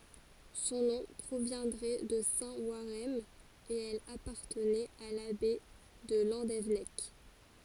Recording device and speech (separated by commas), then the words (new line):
forehead accelerometer, read sentence
Son nom proviendrait de saint Warhem et elle appartenait à l'abbaye de Landévennec.